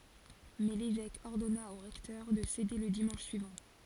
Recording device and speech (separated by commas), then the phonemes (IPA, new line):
forehead accelerometer, read sentence
mɛ levɛk ɔʁdɔna o ʁɛktœʁ də sede lə dimɑ̃ʃ syivɑ̃